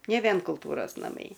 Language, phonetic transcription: Lithuanian, ne ˈvien kulˈtūros naˈmai

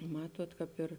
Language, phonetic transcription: Lithuanian, ˈmatuot kāp ˈir

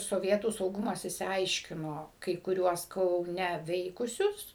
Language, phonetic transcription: Lithuanian, soˈvietų sauˈgumas išsiˈaiškino kai kuˈriuos kauˈne ˈveikusius

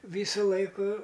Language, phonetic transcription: Lithuanian, ˈvysu ˈlaiku

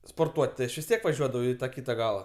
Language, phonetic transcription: Lithuanian, sporˈtuot' ti ˈaš vis ˈtiek vaˈžiuodavau i taˈkyta ˈgala

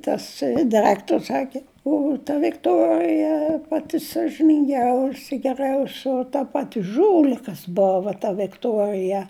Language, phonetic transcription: Lithuanian, tas daˈraktors ˈsaki ˈu ta vikˈtorija ˈpati sažininˈgiausi geˈriausio ta ˈpati ˈžūlikas ˈbova ta vikˈtuorija

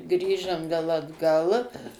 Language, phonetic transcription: Lithuanian, ˈgrįžam ˈvėl atˈgal

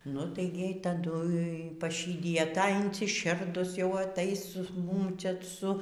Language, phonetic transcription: Lithuanian, nu ˈtai gi ˈjai taˈdu paˈšydija ˈta insiˈširdus jau aˈtais ˈmum ˈčia ˈsu

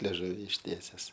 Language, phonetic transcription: Lithuanian, leˈžuvi išˈtieses

